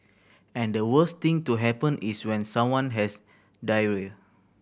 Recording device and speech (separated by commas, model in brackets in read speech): boundary microphone (BM630), read sentence